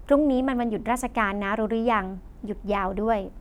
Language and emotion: Thai, neutral